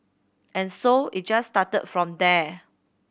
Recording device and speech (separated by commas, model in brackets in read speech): boundary microphone (BM630), read sentence